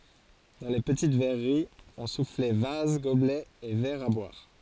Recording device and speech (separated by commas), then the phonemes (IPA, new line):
forehead accelerometer, read sentence
dɑ̃ le pətit vɛʁəʁiz ɔ̃ suflɛ vaz ɡoblɛz e vɛʁz a bwaʁ